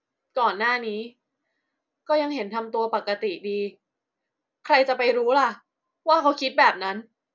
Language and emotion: Thai, frustrated